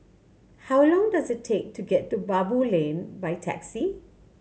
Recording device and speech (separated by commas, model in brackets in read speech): mobile phone (Samsung C7100), read sentence